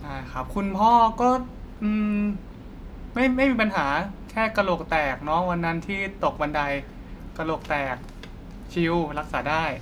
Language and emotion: Thai, neutral